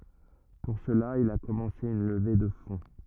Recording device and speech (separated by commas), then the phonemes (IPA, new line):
rigid in-ear microphone, read sentence
puʁ səla il a kɔmɑ̃se yn ləve də fɔ̃